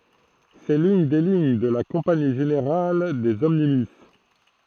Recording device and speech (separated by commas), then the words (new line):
throat microphone, read sentence
C'est l'une des lignes de la Compagnie générale des omnibus.